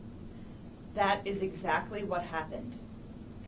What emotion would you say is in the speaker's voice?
neutral